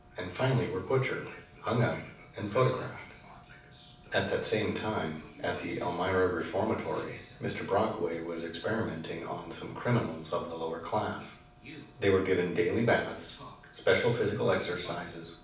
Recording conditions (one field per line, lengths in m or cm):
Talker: one person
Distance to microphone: 5.8 m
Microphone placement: far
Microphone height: 1.8 m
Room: medium-sized (5.7 m by 4.0 m)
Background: television